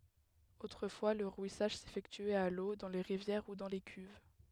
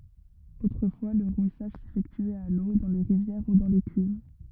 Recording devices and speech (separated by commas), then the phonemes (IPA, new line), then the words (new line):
headset microphone, rigid in-ear microphone, read sentence
otʁəfwa lə ʁwisaʒ sefɛktyɛt a lo dɑ̃ le ʁivjɛʁ u dɑ̃ de kyv
Autrefois, le rouissage s'effectuait à l'eau, dans les rivières ou dans des cuves.